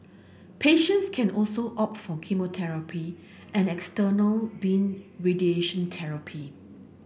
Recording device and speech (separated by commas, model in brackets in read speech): boundary microphone (BM630), read sentence